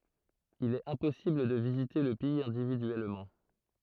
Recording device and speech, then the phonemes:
throat microphone, read sentence
il ɛt ɛ̃pɔsibl də vizite lə pɛiz ɛ̃dividyɛlmɑ̃

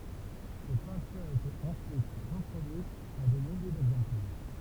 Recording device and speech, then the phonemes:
temple vibration pickup, read sentence
se pɛ̃tyʁz etɛt ɑ̃syit ʁəpʁodyitz a de milje dɛɡzɑ̃plɛʁ

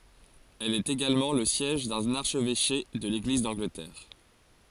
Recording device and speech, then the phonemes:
forehead accelerometer, read sentence
ɛl ɛt eɡalmɑ̃ lə sjɛʒ dœ̃n aʁʃvɛʃe də leɡliz dɑ̃ɡlətɛʁ

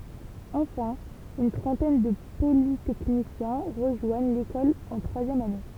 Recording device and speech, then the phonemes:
temple vibration pickup, read sentence
ɑ̃fɛ̃ yn tʁɑ̃tɛn də politɛknisjɛ̃ ʁəʒwaɲ lekɔl ɑ̃ tʁwazjɛm ane

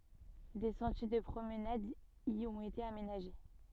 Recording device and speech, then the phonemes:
soft in-ear microphone, read sentence
de sɑ̃tje də pʁomnad i ɔ̃t ete amenaʒe

